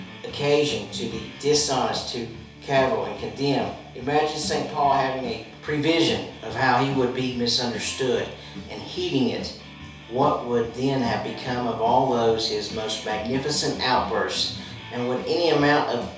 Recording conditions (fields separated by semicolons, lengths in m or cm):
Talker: one person; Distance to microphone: 3.0 m; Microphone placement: far; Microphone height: 1.8 m; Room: small (3.7 m by 2.7 m); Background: music